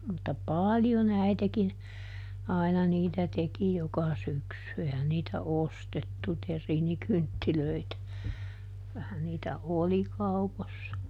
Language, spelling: Finnish, mutta paljon äitikin aina niitä teki joka syksy eihän niitä ostettu terriinikynttilöitä kyllähän niitä oli kaupoissa
- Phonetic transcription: mutta "paaljoˈn ‿äitekin , ˈàina niitä ˈteki ˈjoka ˈsyksy - ˈehän niitä "ostettu ˈter̆riinikynttilöitä , ˈkylähän niitä "oli ˈkaupossa .

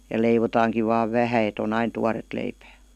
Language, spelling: Finnish, ja leivotaankin vain vähän että on aina tuoretta leipää
- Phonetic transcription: ja 'leivotaaŋkiv vaav "vähä et ‿o'n ‿ain "tuaret leipää .

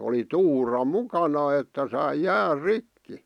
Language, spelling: Finnish, oli tuura mukana että sai jään rikki
- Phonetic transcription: oli "tuura 'mukana että sai 'jäär "rikki .

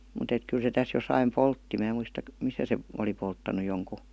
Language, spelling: Finnish, mutta että kyllä se tässä jossakin poltti minä muista missä se oli polttanut jonkun
- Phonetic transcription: mut ‿et 'kyl se täs josaim "poltti 'mää muista , 'misä se , oli 'polttanu joŋku .

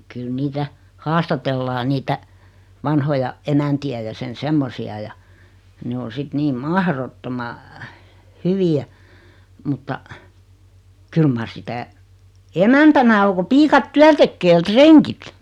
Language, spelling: Finnish, kyllä niitä haastatellaan niitä vanhoja emäntiä ja sen semmoisia ja ne on sitten niin mahdottoman hyviä mutta kyllä mar sitä emäntänä on kun piiat työn tekee ja rengit
- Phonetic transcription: kyl 'niitä , 'haastatellaa niitä , 'vanhoja , 'emänti₍ä ja 'sen "semmosi₍a ja , 'ne o 'sit 'niim "mahrottoma , "hyvi₍ä , mutta , 'kyl mar 'sitä , "emäntänä o ko 'piikat "tyän 'tekkee ʲᵃ "treŋkit .

